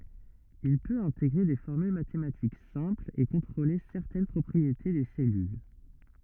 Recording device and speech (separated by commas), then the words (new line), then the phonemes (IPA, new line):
rigid in-ear microphone, read sentence
Il peut intégrer des formules mathématiques simples et contrôler certaines propriétés des cellules.
il pøt ɛ̃teɡʁe de fɔʁmyl matematik sɛ̃plz e kɔ̃tʁole sɛʁtɛn pʁɔpʁiete de sɛlyl